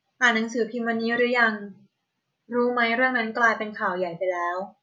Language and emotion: Thai, neutral